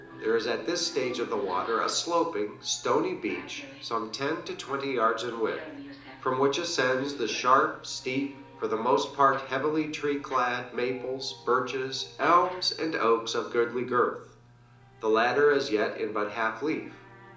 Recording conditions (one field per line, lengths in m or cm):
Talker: one person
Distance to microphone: 2.0 m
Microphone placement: close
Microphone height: 99 cm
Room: medium-sized (5.7 m by 4.0 m)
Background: television